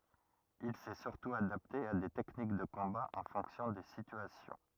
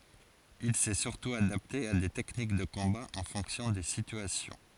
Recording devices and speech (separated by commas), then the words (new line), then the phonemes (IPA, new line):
rigid in-ear microphone, forehead accelerometer, read sentence
Il s'est surtout adapté à des techniques de combat en fonction des situations.
il sɛ syʁtu adapte a de tɛknik də kɔ̃ba ɑ̃ fɔ̃ksjɔ̃ de sityasjɔ̃